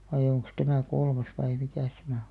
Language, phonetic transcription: Finnish, vai'ʲ ‿oŋks 'tämä̀ 'kolmas vai 'mikä̀s tämä o .
- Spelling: vai onkos tämä kolmas vai mikäs tämä on

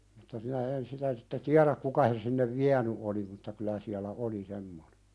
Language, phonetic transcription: Finnish, mutta minä 'en sitä sitte "tiäðäk 'kuka sen sinnev "viäny 'oli mutta kylä siälä "’oli semmonᴇ .
- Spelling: mutta minä en sitä sitten tiedä kuka sen sinne vienyt oli mutta kyllä siellä oli semmoinen

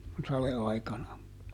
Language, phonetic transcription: Finnish, kun , ˈsale₍aikana .
- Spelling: kun sadeaikana

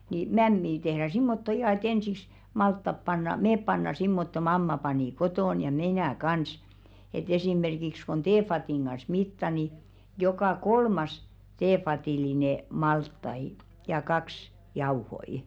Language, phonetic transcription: Finnish, nii , "mämmii tehʀä 'simmotto 'ihà e"t ‿ensiks , 'malttap panna , "meep panna 'simmotto 'mamma panì "kotòn ja "mi̬nä̀ 'kans , et 'esìmerkiks kon "teefatìŋ ɢas 'mitta ni , jokà "kolmas 'teefatìline "malttai , ja 'kaks , "jauhoi .
- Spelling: niin mämmiä tehdään semmottoon ihan että ensiksi maltaat pannaan me pannaan semmottoon mamma pani kotona ja minä kanssa että esimerkiksi kun teevadin kanssa mittaa niin joka kolmas teevadillinen maltaita ja kaksi jauhoja

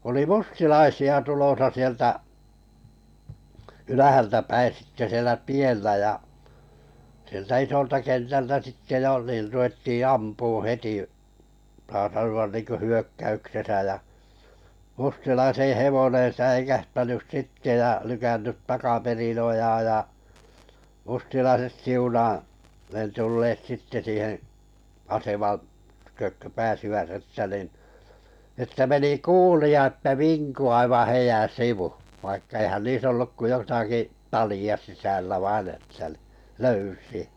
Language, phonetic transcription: Finnish, oli "mustilaisi₍a 'tulosa sieltä , 'ylähältäpäi 'sitte sielä "tiellä ja , sieltä 'isolta 'kentältä 'sitte jo niir ru₍etti "ampuuṵ 'heti , saa sanu₍an 'niiŋkö "hyökkäyksesä jä , mustilaiseḛ 'hevoneḛ 'säikähtänys 'sitte ja lykännyt 'takaperin 'ojaaj ja , mustilaiset "siunaa , 'ne 'tulleet sitte 'siiheḛ , 'aseman , tykök kö 'pääsivät että nin , että » 'meni "kuuli a että "viŋku aivaa̰ 'heijän̬ "sivu « , vaikka eihän 'niis ‿olluk ko 'jotaki , 'tali₍a 'sisällä "vain ‿että ni , "löysi₍ᴀ̈ .
- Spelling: oli mustalaisia tulossa sieltä ylhäältäpäin sitten siellä tiellä ja sieltä isolta kentältä sitten jo niin ruvettiin ampumaan heti saa sanoa niin kuin hyökkäyksessä ja mustalaisen hevonen säikähtänyt sitten ja lykännyt takaperin ojaan ja mustalaiset siunaa ne tulleet sitten siihen aseman tykö kun pääsivät että niin että meni kuulia että vinkui aivan heidän sivu vaikka eihän niissä ollut kuin jotakin talia sisällä vain että niin löysiä

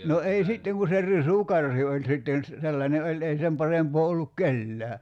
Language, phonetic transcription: Finnish, 'no ei "sitteŋ ku se "risu'karhi oĺ 'sitten̬ ‿s- , 'sellańe 'oĺ ei sem 'parempoo olluk "kellää .
- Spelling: no ei sitten kun se risukarhi oli sitten - sellainen oli ei sen parempaa ollut kenelläkään

